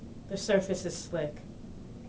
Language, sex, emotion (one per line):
English
female
neutral